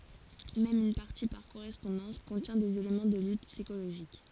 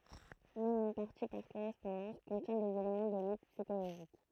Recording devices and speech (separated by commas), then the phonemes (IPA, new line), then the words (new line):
forehead accelerometer, throat microphone, read sentence
mɛm yn paʁti paʁ koʁɛspɔ̃dɑ̃s kɔ̃tjɛ̃ dez elemɑ̃ də lyt psikoloʒik
Même une partie par correspondance contient des éléments de lutte psychologique.